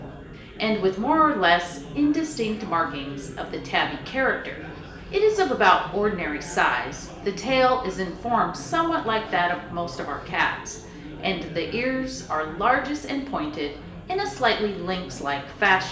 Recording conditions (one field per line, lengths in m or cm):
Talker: one person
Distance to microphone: 1.8 m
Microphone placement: close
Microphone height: 1.0 m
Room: large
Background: babble